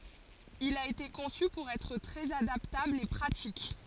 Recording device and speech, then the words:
forehead accelerometer, read sentence
Il a été conçu pour être très adaptable et pratique.

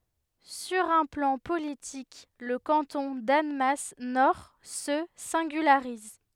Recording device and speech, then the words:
headset microphone, read sentence
Sur un plan politique le canton d'Annemasse Nord se singularise.

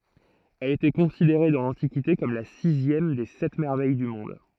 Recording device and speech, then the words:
throat microphone, read sentence
Elle était considérée dans l'Antiquité comme la sixième des Sept Merveilles du monde.

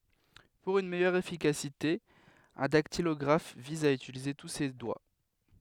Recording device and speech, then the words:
headset microphone, read sentence
Pour une meilleure efficacité, un dactylographe vise à utiliser tous ses doigts.

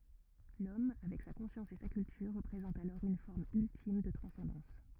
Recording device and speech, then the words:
rigid in-ear microphone, read sentence
L'homme, avec sa conscience et sa culture, représente alors une forme ultime de transcendance.

